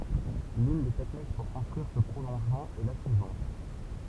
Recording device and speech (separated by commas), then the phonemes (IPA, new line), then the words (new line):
temple vibration pickup, read sentence
lyn de tɛknik puʁ kɔ̃stʁyiʁ sə pʁolɔ̃ʒmɑ̃ ɛ la syivɑ̃t
L'une des techniques pour construire ce prolongement est la suivante.